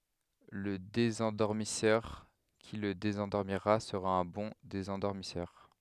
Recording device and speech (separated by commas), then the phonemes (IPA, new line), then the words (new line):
headset microphone, read sentence
lə dezɑ̃dɔʁmisœʁ ki lə dezɑ̃dɔʁmiʁa səʁa œ̃ bɔ̃ dezɑ̃dɔʁmisœʁ
Le désendormisseur qui le désendormira sera un bon désendormisseur.